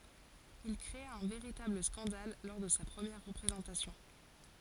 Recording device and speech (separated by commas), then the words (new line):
forehead accelerometer, read sentence
Il créa un véritable scandale lors de sa première représentation.